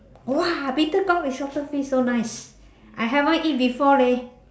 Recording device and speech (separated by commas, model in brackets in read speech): standing microphone, conversation in separate rooms